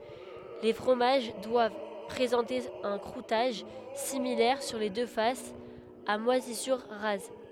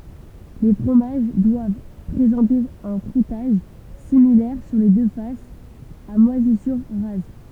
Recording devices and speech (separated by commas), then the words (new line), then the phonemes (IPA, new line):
headset microphone, temple vibration pickup, read sentence
Les fromages doivent présenter un croûtage, similaire sur les deux faces, à moisissures rases.
le fʁomaʒ dwav pʁezɑ̃te œ̃ kʁutaʒ similɛʁ syʁ le dø fasz a mwazisyʁ ʁaz